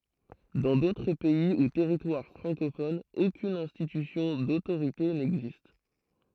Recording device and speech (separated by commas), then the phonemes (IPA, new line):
throat microphone, read sentence
dɑ̃ dotʁ pɛi u tɛʁitwaʁ fʁɑ̃kofonz okyn ɛ̃stitysjɔ̃ dotoʁite nɛɡzist